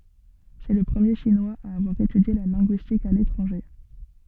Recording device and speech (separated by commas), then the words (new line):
soft in-ear microphone, read sentence
C'est le premier Chinois à avoir étudié la linguistique à l'étranger.